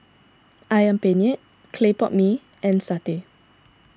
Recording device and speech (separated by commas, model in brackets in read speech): standing microphone (AKG C214), read sentence